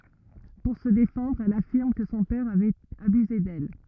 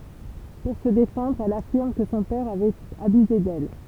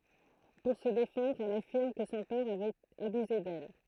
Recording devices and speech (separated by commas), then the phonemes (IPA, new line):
rigid in-ear microphone, temple vibration pickup, throat microphone, read sentence
puʁ sə defɑ̃dʁ ɛl afiʁm kə sɔ̃ pɛʁ avɛt abyze dɛl